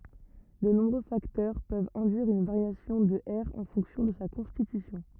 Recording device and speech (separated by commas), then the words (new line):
rigid in-ear microphone, read sentence
De nombreux facteurs peuvent induire une variation de R en fonction de sa constitution.